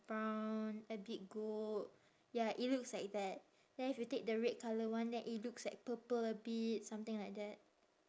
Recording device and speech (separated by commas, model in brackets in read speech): standing microphone, conversation in separate rooms